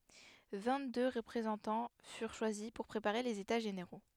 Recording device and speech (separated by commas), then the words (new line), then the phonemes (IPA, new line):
headset microphone, read sentence
Vingt-deux représentants furent choisis pour préparer les États généraux.
vɛ̃ɡtdø ʁəpʁezɑ̃tɑ̃ fyʁ ʃwazi puʁ pʁepaʁe lez eta ʒeneʁo